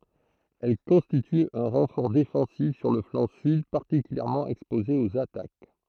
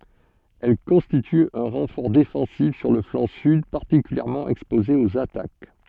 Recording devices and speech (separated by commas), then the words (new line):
throat microphone, soft in-ear microphone, read sentence
Elle constitue un renfort défensif sur le flanc sud particulièrement exposé aux attaques.